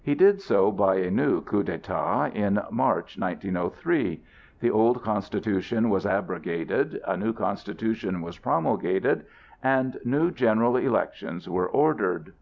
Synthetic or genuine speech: genuine